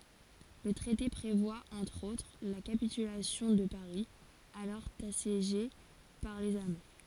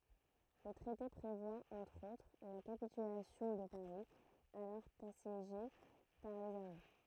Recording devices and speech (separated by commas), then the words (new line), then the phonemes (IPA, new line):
forehead accelerometer, throat microphone, read sentence
Le traité prévoit entre autres la capitulation de Paris, alors assiégé par les Allemands.
lə tʁɛte pʁevwa ɑ̃tʁ otʁ la kapitylasjɔ̃ də paʁi alɔʁ asjeʒe paʁ lez almɑ̃